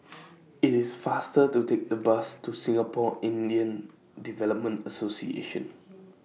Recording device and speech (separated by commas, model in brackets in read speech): mobile phone (iPhone 6), read sentence